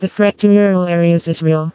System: TTS, vocoder